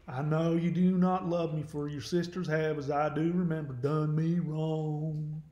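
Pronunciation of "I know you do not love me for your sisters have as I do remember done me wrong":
The line is spoken in an overemphasized Southern American accent.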